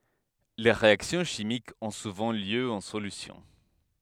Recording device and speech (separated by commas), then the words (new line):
headset microphone, read sentence
Les réactions chimiques ont souvent lieu en solution.